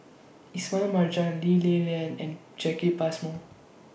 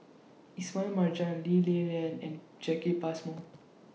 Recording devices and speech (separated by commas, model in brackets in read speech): boundary microphone (BM630), mobile phone (iPhone 6), read sentence